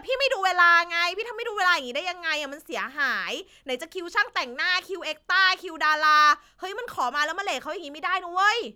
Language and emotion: Thai, angry